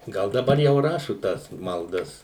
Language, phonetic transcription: Lithuanian, ˈgal daˈbar jau ˈrašu ˈtas malˈdas

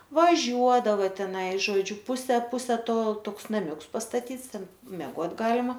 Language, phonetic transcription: Lithuanian, vaˈžiuodava teˈnai žoˈdžiu ˈpuse ˈpuse ˈto ˈtoks naˈmiuks pastaˈtyts ˈten meˈgot' ˈgalima

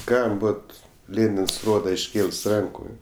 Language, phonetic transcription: Lithuanian, ˈkam ˈbot ˈlėnins ˈroda išˈkėls ˈranku

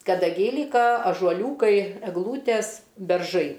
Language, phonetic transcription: Lithuanian, kadaˈgiai ˈlyka ažuoˈliūkai egˈlūtes berˈžai

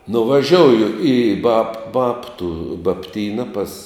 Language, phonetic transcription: Lithuanian, nuvaˈžiouju į bab ˈbabtu babˈtyna pas

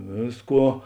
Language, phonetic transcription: Lithuanian, ˈvėsˌkuo

